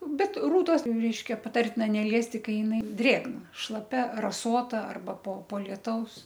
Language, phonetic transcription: Lithuanian, ˈbet ˈrūtos ˈreiškia paˈtartina neˈliesti ˈkai jiˈnai ˈdrėgna šlaˈpia raˈsota ˈarba po po lieˈtaus

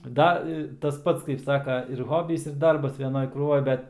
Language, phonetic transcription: Lithuanian, ˈda i tas ˈpats kaip ˈsaka ir ˈhobys ir ˈdarbas veˈnoj krūˈvoj ˈbet

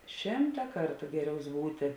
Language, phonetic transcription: Lithuanian, ˈšimta ˈkartu ˈgeˌriaus ˈbūti

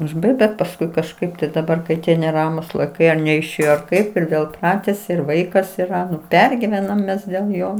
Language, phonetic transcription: Lithuanian, užˈbaigt bet pasˈkui kažˈkaip tai daˈbar kai ˈtie neˈramūs laiˈkai ar neišˈėjo ar ˈkaip ir ˈvėl i ˈpratesi ir ˈvaikas yˈra ˈnu ˈpergivenam ˈmes dėl ˈjo

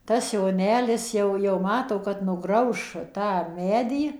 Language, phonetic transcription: Lithuanian, tas joˈnelis ˈjau jau ˈmato kad nuˈgrauš tą ˈmedį

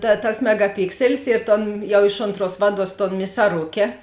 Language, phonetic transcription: Lithuanian, ta tas megaˈpikselis ir ˈton ˈjau ˈiš onˌtruos ˈvaˌduos ton misaˈruke

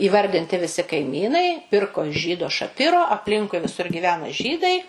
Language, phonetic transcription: Lithuanian, įˈvardinti viˈsi kaiˈmynai ˈpirko iš ˈžydo šaˈpiro apˈlinkui viˈsur gyˈvena ˈžydai

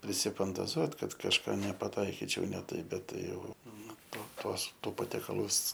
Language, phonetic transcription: Lithuanian, prisifantaˈzuot ˈkad kažˈką nepaˈtaikičiau ne ˈtaip ˈbet ˈtai ˈjau ˈnu ˈto ˈtuos ˈtų patiekaˈlus

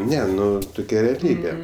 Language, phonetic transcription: Lithuanian, ˈne ˈnu tuˈkia reaˈlybė

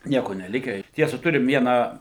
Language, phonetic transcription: Lithuanian, ˈnieko neˈlikę ir ˈtiesa ˈturim ˈvieną

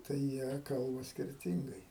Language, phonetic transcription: Lithuanian, tai ˈjie ˈkalba skirˈtingai

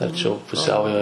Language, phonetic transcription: Lithuanian, arˈčiau puˈsiaujo

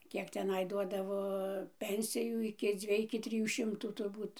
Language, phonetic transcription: Lithuanian, ˈkiek teˈnai ˈduodavo ˈpensijų iki ˈdzviej iki ˈtrijų ˈšimtų turˈbūt

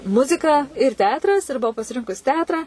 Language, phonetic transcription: Lithuanian, ˈmuzika ir ˈteatras ir buˈau pasiˈrinkus ˈteatra

